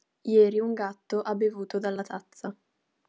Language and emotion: Italian, neutral